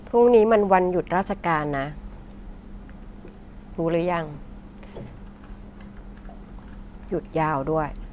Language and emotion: Thai, neutral